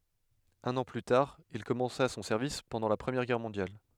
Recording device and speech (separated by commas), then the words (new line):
headset microphone, read sentence
Un an plus tard, il commença son service pendant la Première Guerre mondiale.